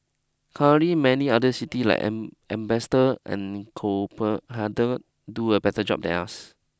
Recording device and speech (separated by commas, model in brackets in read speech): close-talking microphone (WH20), read sentence